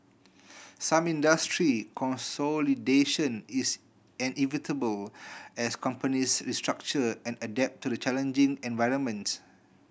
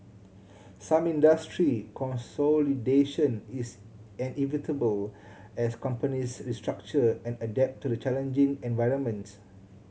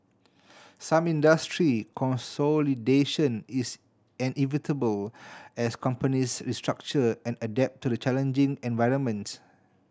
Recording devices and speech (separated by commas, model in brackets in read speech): boundary microphone (BM630), mobile phone (Samsung C7100), standing microphone (AKG C214), read sentence